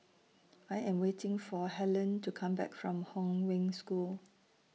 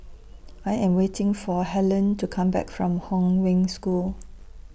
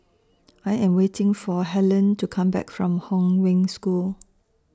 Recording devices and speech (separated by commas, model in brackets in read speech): mobile phone (iPhone 6), boundary microphone (BM630), standing microphone (AKG C214), read sentence